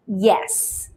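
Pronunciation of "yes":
'Yes' is pronounced correctly here: it starts with a y sound, and that sound is not dropped to make it 'S'.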